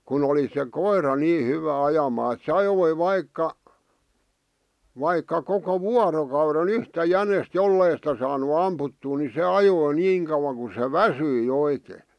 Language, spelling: Finnish, kun oli se koira niin hyvä ajamaan että se ajoi vaikka vaikka koko vuorokauden yhtä jänistä jos ei sitä saanut ammuttua niin se ajoi niin kauan kun se väsyi oikein
- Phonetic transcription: kun ‿oli se "koir̀a nii 'hyvä 'ajamaa [e]t̥ se 'ajoi 'vaikka , 'vaikka koko "vuarokaure"n ‿yhtä "jänest "jollei sⁱtä saanu 'amputtuu ni "se ajoi 'niiŋ kaᵘwaŋ ku se "väsyi 'oikee .

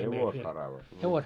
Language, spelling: Finnish, hevosharavat no
- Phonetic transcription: 'hevosharavat no .

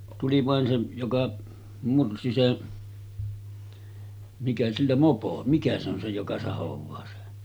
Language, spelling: Finnish, tuli vain se joka mursi se mikä sillä mopo mikä se on se joka sahaa se
- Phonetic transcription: 'tuli vàen se , 'joka mursi 'se , mikä sillä "mopo , 'mikä se ‿on se joka 'sahov̆vaa se .

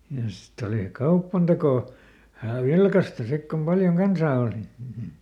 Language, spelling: Finnish, ja sitten oli kaupantekoa vähän vilkasta sitten kun paljon kansaa oli
- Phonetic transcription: ja ˈsitt ‿olì "kauppantekò , vähä̀ "vilkasta ˈsik kom ˈpaljoŋ ˈkansaa òli .

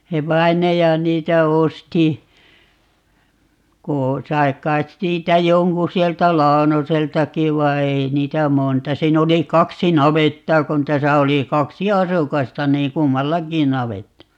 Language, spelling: Finnish, se vainaja niitä osti kun sai kai siitä jonkun sieltä Launoseltakin vai ei niitä monta siinä oli kaksi navettaa kun tässä oli kaksi asukasta niin kummallakin navetta
- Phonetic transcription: 'se "vai̮naja 'niitä 'osti , ko , 'sai̮ 'k̀ait 'siitä "joŋku 'sieltä "Laonoseltaki 'vai "ei 'niitä "monta - 'siin ‿oli "kaksi 'navettaa kon 'täsä oli 'kaksi "asukasta niiŋ "kummallaki 'navetta .

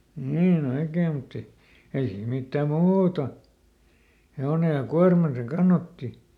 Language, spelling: Finnish, niin oikein mutta ei ei siinä mitään muuta hevonen ja kuorman se kannatti
- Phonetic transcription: ˈniiˈn ‿oikee mutt ‿e , ei siim ˈmittääm "(muuta) , ˈhe₍one ja ˈkuarman se ˈkannatti .

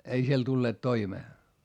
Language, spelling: Finnish, ei siellä tulleet toimeen
- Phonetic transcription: ei siel tulleet toimee .

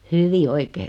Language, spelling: Finnish, hyvin oikein
- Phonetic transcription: hyvi 'oikee .

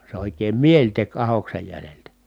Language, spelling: Finnish, se oikein mieli teki ahdoksen jäljiltä
- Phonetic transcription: se òik̆keem mieĺ tek ahoksej jäleltä .

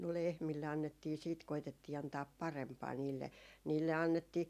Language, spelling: Finnish, no lehmille annettiin sitten koetettiin antaa parempaa niille niille annettiin
- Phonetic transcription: no 'lehmille annettii siit 'koitettii antaap "parempaa 'niille , 'niille 'annettii ,.

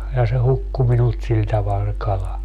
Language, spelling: Finnish, ja se hukkui minulta sillä tavalla se kala
- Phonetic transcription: ja se 'hukku minult 'sil taval se 'kala .

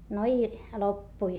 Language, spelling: Finnish, no i loppui
- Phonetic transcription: no i , loppui .

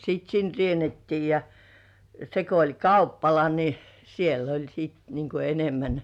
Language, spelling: Finnish, sitten sinne riennettiin ja se kun oli kauppala niin siellä oli sitten niin kuin enemmän
- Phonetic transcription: sit "sin 'rienettii ja , se ko oĺ "kauppala ni , 'siel ‿oĺ siit niŋ ku "enemmän .

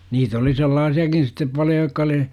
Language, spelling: Finnish, niitä oli sellaisiakin sitten paljon jotka oli
- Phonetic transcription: niit ‿oli "sellaasi₍akin̬ sittep 'paljo jokka °li ,.

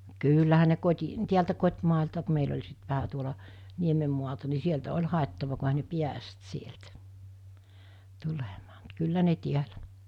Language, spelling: Finnish, kyllähän ne - kotitieltä kotimäeltä kun meillä oli sitten vähän tuolla niemen maalta niin sieltä oli haettava kun eihän ne päässyt sieltä tulemaan mutta kyllä ne täällä
- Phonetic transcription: 'kyyllähä ne 'koti- , tiältä 'kot́màelta ku meil ‿oĺ sit vähä tuola , 'niemem mualta ni 'sieltä 'oĺ hàettava ku ehä ne "piäst 'sieltᴀ̈ , 'tulemᴀᴀ mut 'kyllä ne tiälä .

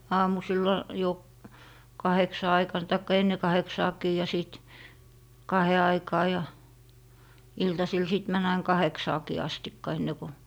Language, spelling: Finnish, aamusilla jo kahdeksan aikana tai ennen kahdeksaakin ja sitten kahden aikaan ja iltasilla sitten meni aina kahdeksaankin asti ennen kuin
- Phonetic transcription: 'aamusilla , jo , 'kaheksa 'aikan taikka "enne 'kaheksaaki ja 'sìt , "kahe 'aikaa ja , "iltasil 'sìt män ‿ain 'kaheksaakii 'astikka 'enne ko. ,

